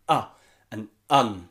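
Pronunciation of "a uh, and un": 'A' and 'an' are said with the schwa sound, as 'uh' and 'un'.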